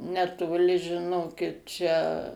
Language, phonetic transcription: Lithuanian, netoˈli žiˈnokit ˈčia

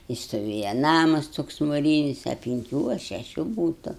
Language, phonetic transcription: Lithuanian, ti stoˈvėja ˈnamas ˈtoks muˈrynis a pinˈkių a šeˈšių ˈbūtu

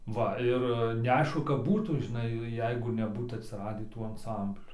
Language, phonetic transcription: Lithuanian, ˈva ˈir neˈaišku kap ˈbūtų žiˈnai ˈjeigu neˈbūt atsiˈradį ˈtų anˈsamblių

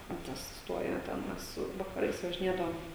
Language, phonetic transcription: Lithuanian, ten ˈtas ˈstuojo ˈten ˈmes vakaˈrais važiˈnėdavom

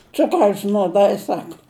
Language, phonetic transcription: Lithuanian, ˈcukraus nuoˈdai ˈsaka

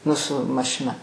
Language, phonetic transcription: Lithuanian, ˈnu su mašiˈna

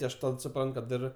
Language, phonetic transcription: Lithuanian, ˈti aš ˈtad suˈprant kad ˈir

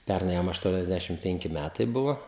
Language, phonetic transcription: Lithuanian, ˈpernai ˈjam ašˌtuoniasˈdæšim ˈpenki ˈmætai ˈbuvo

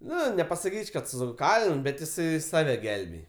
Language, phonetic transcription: Lithuanian, ˈnu nepasaˈkyč' kad stuˈkalin bet jiˈsai ˈsave ˈgelbėj

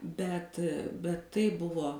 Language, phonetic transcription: Lithuanian, bet bet ˈtai ˈbuvo

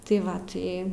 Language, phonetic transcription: Lithuanian, tai ˈva ˈtai

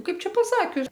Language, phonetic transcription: Lithuanian, ˈkaip ˈčia paˈsakius

